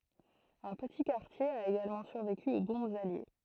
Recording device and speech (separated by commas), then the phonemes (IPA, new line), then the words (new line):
throat microphone, read sentence
œ̃ pəti kaʁtje a eɡalmɑ̃ syʁveky o bɔ̃bz alje
Un petit quartier a également survécu aux bombes alliées.